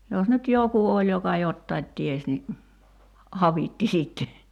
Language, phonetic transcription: Finnish, jos nyt "joku oĺ 'joka "jottait 'ties ni , "avitti 'sitte .
- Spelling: jos nyt joku oli joka jotakin tiesi niin avitti sitten

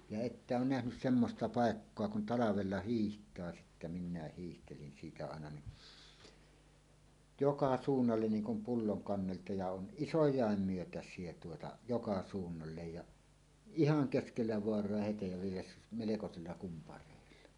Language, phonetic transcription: Finnish, ja 'että oon nähnys "semmosta "pàekkoa kun ’talavella "hiiht̀aa sittä nim minä 'hiihtelin 'siitä àena ni , "joka "suunnallen 'niiŋ kum 'pulloŋ 'kannelta ja 'on "ˀisoj̀àem 'myötäs̀ie tuota 'joka 'suunnallej ja , "ihaŋ 'keskellä 'voar̀oa "hetej ja vielä melekosella kumpar̀èilla .
- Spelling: ja ette ole nähnyt semmoista paikkaa kun talvella hiihtää sitten niin minä hiihtelin siitä aina niin joka suunnalle niin kuin pullon kannelta ja on isojakin myötäisiä tuota joka suunnalle ja ihan keskellä vaaraa hete ja vielä melkoisilla kumpareilla

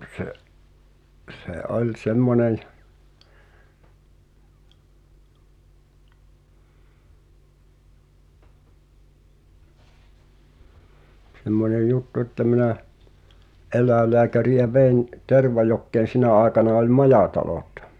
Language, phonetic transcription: Finnish, se’ , se '’oĺ 'semmonen , 'semmonej "juttu ᵉttä minä , '’el̳̀äelleäkäri₍ä vei̬n , 'Tervajokkeen̬ 'sinä̀ aekana oĺ "majàtalot .
- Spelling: se se oli semmoinen semmoinen juttu että minä eläinlääkäriä vein Tervajokeen sinä aikana oli majatalot

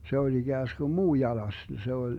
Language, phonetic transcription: Finnish, se oĺ 'iGääsGum "muu 'jalas , se oĺ , .
- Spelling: se oli ikään kuin muu jalas se oli

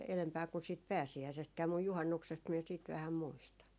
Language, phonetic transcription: Finnish, elempää kun siit "pääsi₍äisestkää muj "juhannuksest miɛ siit 'vähäm 'muistan .
- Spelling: edempänä kuin siitä pääsiäisestäkään mutta juhannuksesta minä sitten vähän muistan

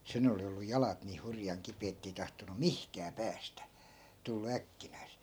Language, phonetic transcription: Finnish, 'sen ‿oli ollu 'jalat nii 'hurjaŋ 'kipee ettei tahtonu "mihkää 'päästä , tullu 'äkkinäisE .
- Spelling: sen oli ollut jalat niin hurjan kipeät että ei tahtonut mihinkään päästä tullut äkkinäiseen

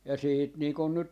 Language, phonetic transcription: Finnish, ja 'siit nii kun 'nyt , .
- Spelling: ja sitten niin kuin nyt

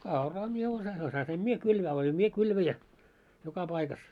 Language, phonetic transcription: Finnish, no 'kauraa mie osa- , 'osasim "mie 'kylvää oĺim "mie 'kylväjä , 'joka 'paikas .
- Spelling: no kauraa minä - osasin minä kylvää olin minä kylväjä joka paikassa

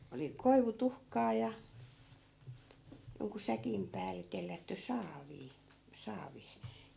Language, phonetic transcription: Finnish, oli 'koivu'tuhkaa ja , joŋku 'säkim pääl̆le 'tellätty "saavii , 'saavis .
- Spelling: oli koivutuhkaa ja jonkun säkin päälle tellätty saaviin saavissa

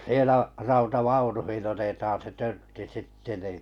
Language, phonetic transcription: Finnish, 'sielä 'rauta"vaunuhin 'otetaan se 'törtti "sitte nì ,.
- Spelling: siellä rautavaunuihin otetaan se törtti sitten niin

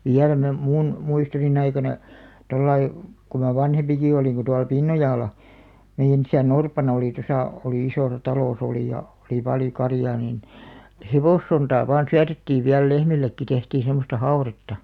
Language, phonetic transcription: Finnish, viäl me , 'mun , 'muistoni'n ‿aikana , 'tollai , ku ma 'vanhempiki olìŋ ku tual "Pinnojàla , 'meiʲän ‿isä"n ‿orpana oli 'tosà , olì 'isòsa 'talos ‿olì ja , oli 'paljo 'karjaa niin , "hevòssontaa vaan 'syätettiiv viäl "lehmillekki 'tehtii sem̆mosta "hau̬retta .
- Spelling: vielä me minun muistoni aikana tuolla lailla kun minä vanhempikin olin kun tuolla Pinnojalla meidän isän orpana oli tuossa oli isossa talossa oli ja oli paljon karjaa niin hevossontaa vain syötettiin vielä lehmillekin tehtiin semmoista haudetta

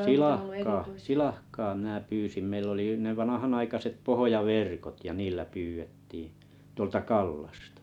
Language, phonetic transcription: Finnish, silahkaa , "silahkaa minä 'pyysim meill ‿oli y- ne 'vanahanaikaset 'pohoja'vèrkot ja 'niillä 'pyyʷettiiḭ 'tuolta 'Kallastᴀ .
- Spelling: silakkaa silakkaa minä pyysin meillä oli - ne vanhanaikaiset pohjaverkot ja niillä pyydettiin tuolta Kallasta

